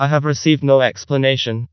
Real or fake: fake